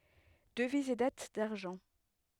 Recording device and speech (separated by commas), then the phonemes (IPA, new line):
headset microphone, read sentence
dəviz e dat daʁʒɑ̃